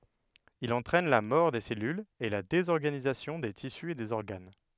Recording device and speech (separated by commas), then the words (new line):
headset microphone, read sentence
Il entraîne la mort des cellules et la désorganisation des tissus et des organes.